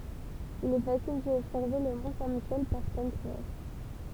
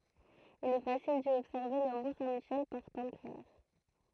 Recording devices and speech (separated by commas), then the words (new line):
temple vibration pickup, throat microphone, read sentence
Il est facile d'y observer le mont Saint-Michel par temps clair.